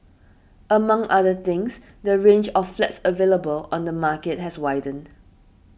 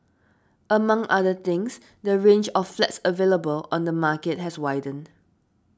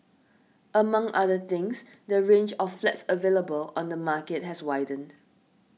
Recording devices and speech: boundary microphone (BM630), standing microphone (AKG C214), mobile phone (iPhone 6), read sentence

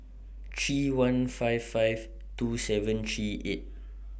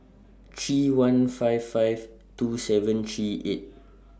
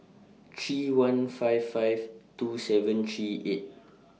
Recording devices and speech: boundary microphone (BM630), standing microphone (AKG C214), mobile phone (iPhone 6), read sentence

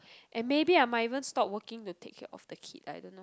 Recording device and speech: close-talking microphone, conversation in the same room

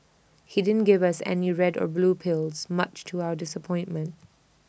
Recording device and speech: boundary microphone (BM630), read sentence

